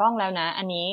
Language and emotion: Thai, neutral